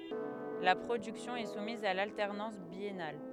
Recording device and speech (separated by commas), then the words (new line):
headset microphone, read sentence
La production est soumise à l’alternance biennale.